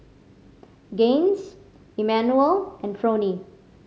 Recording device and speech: mobile phone (Samsung C5010), read sentence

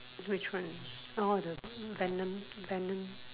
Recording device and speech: telephone, conversation in separate rooms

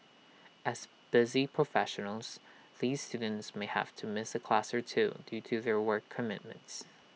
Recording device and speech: mobile phone (iPhone 6), read sentence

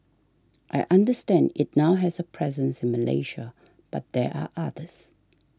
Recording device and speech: standing microphone (AKG C214), read sentence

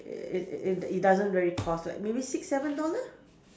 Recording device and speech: standing microphone, conversation in separate rooms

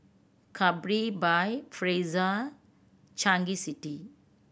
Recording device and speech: boundary microphone (BM630), read sentence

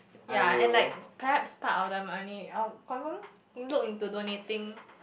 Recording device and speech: boundary microphone, conversation in the same room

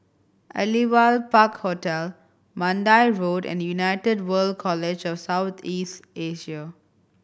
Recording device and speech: boundary microphone (BM630), read sentence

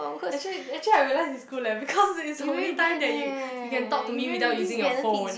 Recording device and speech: boundary microphone, conversation in the same room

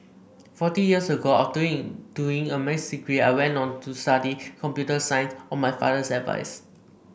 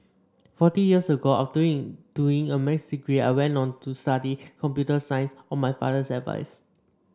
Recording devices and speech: boundary microphone (BM630), standing microphone (AKG C214), read sentence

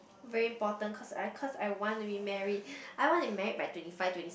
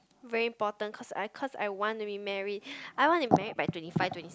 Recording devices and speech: boundary microphone, close-talking microphone, conversation in the same room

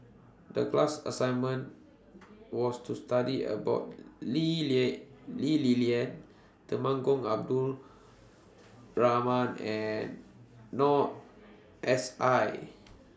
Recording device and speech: standing microphone (AKG C214), read sentence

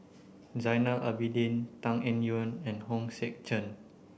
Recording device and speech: boundary microphone (BM630), read sentence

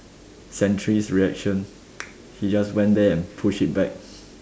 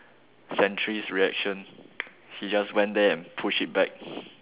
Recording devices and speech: standing microphone, telephone, conversation in separate rooms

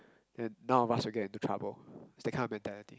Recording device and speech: close-talking microphone, conversation in the same room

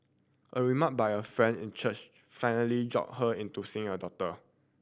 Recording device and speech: boundary microphone (BM630), read sentence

